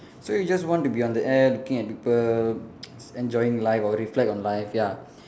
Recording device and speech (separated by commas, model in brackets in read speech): standing microphone, conversation in separate rooms